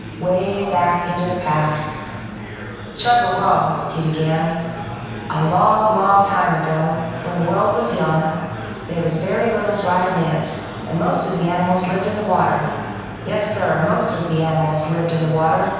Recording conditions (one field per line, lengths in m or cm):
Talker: one person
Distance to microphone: 7.1 m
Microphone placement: far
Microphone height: 1.7 m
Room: very reverberant, large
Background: babble